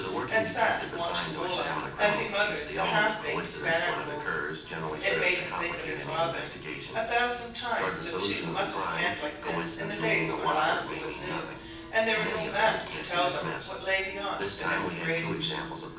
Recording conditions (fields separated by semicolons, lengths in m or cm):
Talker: one person; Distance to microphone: 9.8 m; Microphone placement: far; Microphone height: 1.8 m; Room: large; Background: television